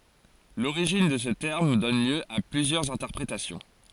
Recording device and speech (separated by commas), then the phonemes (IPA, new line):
forehead accelerometer, read sentence
loʁiʒin də sə tɛʁm dɔn ljø a plyzjœʁz ɛ̃tɛʁpʁetasjɔ̃